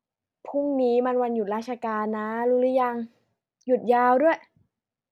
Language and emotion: Thai, frustrated